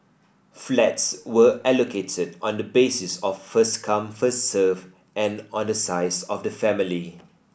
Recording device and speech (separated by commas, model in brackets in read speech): boundary microphone (BM630), read sentence